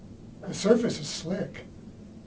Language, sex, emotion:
English
male
neutral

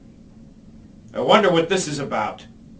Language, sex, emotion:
English
male
angry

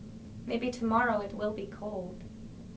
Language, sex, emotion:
English
female
neutral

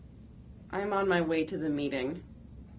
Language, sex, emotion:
English
female
neutral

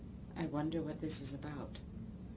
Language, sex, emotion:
English
female
neutral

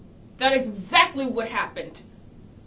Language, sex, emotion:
English
female
angry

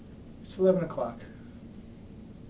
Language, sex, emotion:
English
male
neutral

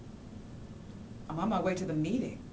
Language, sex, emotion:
English
female
neutral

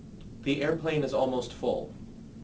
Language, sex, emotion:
English
male
neutral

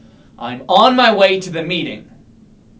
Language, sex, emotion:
English
male
angry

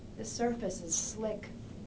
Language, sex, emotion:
English
female
neutral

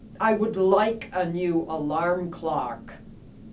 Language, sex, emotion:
English
female
angry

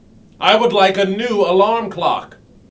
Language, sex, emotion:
English
male
angry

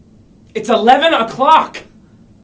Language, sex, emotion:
English
male
angry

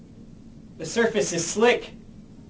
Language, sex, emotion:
English
male
fearful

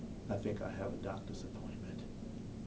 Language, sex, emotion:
English
male
neutral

